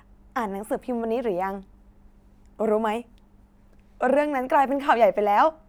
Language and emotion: Thai, happy